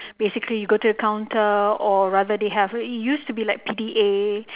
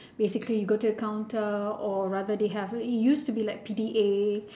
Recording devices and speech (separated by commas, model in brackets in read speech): telephone, standing microphone, conversation in separate rooms